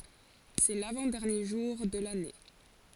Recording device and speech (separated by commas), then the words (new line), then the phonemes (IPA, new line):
forehead accelerometer, read sentence
C'est l'avant-dernier jour de l'année.
sɛ lavɑ̃ dɛʁnje ʒuʁ də lane